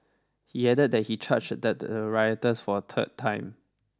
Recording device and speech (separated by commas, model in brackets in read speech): standing microphone (AKG C214), read sentence